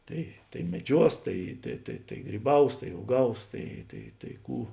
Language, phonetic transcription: Lithuanian, ˈtai tai meˈdžiuos ˈtai tai tai tai gryˈbaus tai uoˈgaus ˈtai tai tai ˈkų

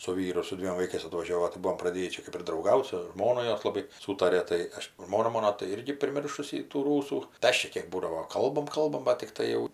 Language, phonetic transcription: Lithuanian, su ˈvyru ir su ˈdviem vaiˈkais atvaˈžiovo tai ˈbuom praˈdėjį ˈčia kɜp ir drauˈgaut su ˈžmonu ˈjos laˈbai ˈsūtarė ˈtai ˈaš ˈžmona ˈmono tai ˈirgi priˈmiršusi tų ˈrūsų tai ˈaš čia ˈkėk ˈbūdavo ˈkalbam ˈkalbam bat tikˈtai jau

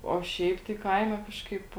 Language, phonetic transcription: Lithuanian, o ˈšiaip tai ˈkaime ˈkažkaip

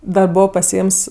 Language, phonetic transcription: Lithuanian, ˈda ˈbovo pasiˈėms

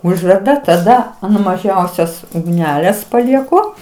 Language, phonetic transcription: Lithuanian, ˈužverda taˈda an maˈžiausios ugˈnelės palieˈku

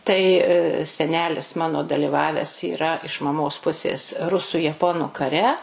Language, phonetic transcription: Lithuanian, tai seˈnelis ˈmano daliˈvaves yˈra iš maˈmos ˈpusės ˈrusu jaˈponu kaˈre

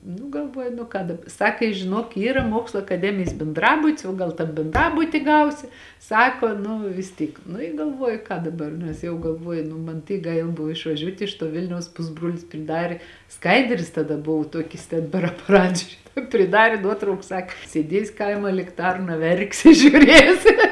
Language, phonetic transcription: Lithuanian, nu galˈvuoju nu ˈką dab ˈsaka i žiˈnuok ˈyra ˈmokslo akaˈdemijis benˈdrabut's o gal ˈtam benˈdrabuti ˈgausi ˈsako nu vis ˈtyk nu i galˈvuoju ką daˈbar nes jau galˈvuoju ˈnu man ˈtyk ˈgaila ˈbuvo išvaˈžiuot' iš tuo ˈvilniaus ˈpusbruolis priˈdarė ˈskaidrės taˈda ˈbuvu ˈtuokis ten per apaˈrat žiuˈrėt priˈdarė ˈnuotrauku ˈsak ˈsėdies' ˈkaima likˈtarna ˈverksi žiuˈrėsi

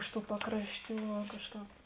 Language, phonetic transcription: Lithuanian, ˈiš ˌtų ˈpakrašˌtių va ˈkažˌkāp

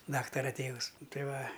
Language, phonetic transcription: Lithuanian, ˈdaktara ˈtėvus ˈtai ˈva

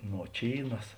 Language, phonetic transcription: Lithuanian, noˈčynas

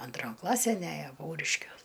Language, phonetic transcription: Lithuanian, anˈtron ˈklasæn ˈæjo ˈpauriškiuos

